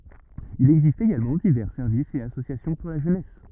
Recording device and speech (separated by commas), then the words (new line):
rigid in-ear microphone, read sentence
Il existe également divers services et associations pour la jeunesse.